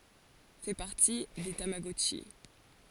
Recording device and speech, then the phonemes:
forehead accelerometer, read sentence
fɛ paʁti de tamaɡɔtʃi

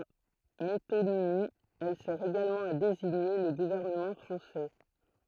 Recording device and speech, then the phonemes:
throat microphone, read sentence
paʁ metonimi ɛl sɛʁ eɡalmɑ̃ a deziɲe lə ɡuvɛʁnəmɑ̃ fʁɑ̃sɛ

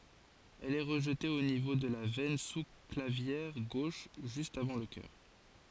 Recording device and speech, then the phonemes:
forehead accelerometer, read sentence
ɛl ɛ ʁəʒte o nivo də la vɛn su klavjɛʁ ɡoʃ ʒyst avɑ̃ lə kœʁ

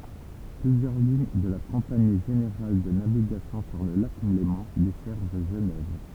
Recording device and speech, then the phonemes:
temple vibration pickup, read sentence
plyzjœʁ liɲ də la kɔ̃pani ʒeneʁal də naviɡasjɔ̃ syʁ lə lak lemɑ̃ dɛsɛʁv ʒənɛv

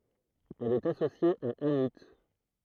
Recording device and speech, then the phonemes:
throat microphone, read sentence
ɛl ɛt asosje a amu

